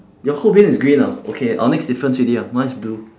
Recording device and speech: standing microphone, conversation in separate rooms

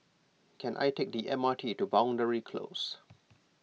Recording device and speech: mobile phone (iPhone 6), read sentence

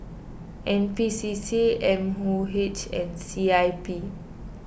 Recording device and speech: boundary microphone (BM630), read sentence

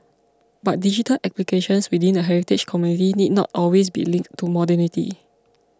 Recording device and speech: close-talking microphone (WH20), read sentence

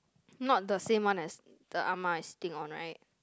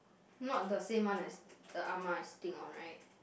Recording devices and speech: close-talking microphone, boundary microphone, conversation in the same room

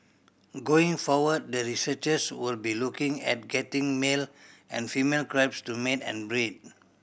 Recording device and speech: boundary microphone (BM630), read sentence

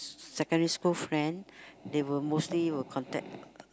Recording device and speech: close-talking microphone, conversation in the same room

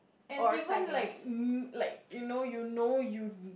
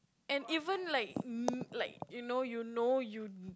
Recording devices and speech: boundary microphone, close-talking microphone, conversation in the same room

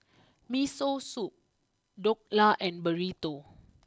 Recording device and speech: close-talking microphone (WH20), read sentence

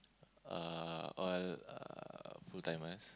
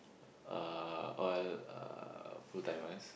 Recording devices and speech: close-talking microphone, boundary microphone, conversation in the same room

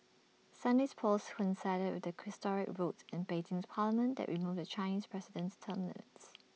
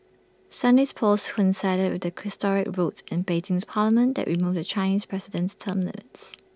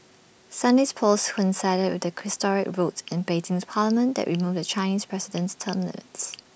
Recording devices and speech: mobile phone (iPhone 6), standing microphone (AKG C214), boundary microphone (BM630), read sentence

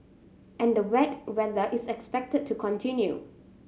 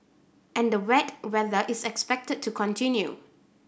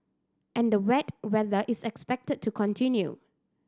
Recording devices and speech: mobile phone (Samsung C7100), boundary microphone (BM630), standing microphone (AKG C214), read sentence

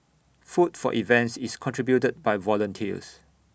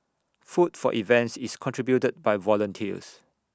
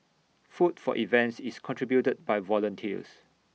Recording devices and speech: boundary microphone (BM630), standing microphone (AKG C214), mobile phone (iPhone 6), read sentence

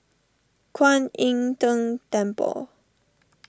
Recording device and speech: standing microphone (AKG C214), read sentence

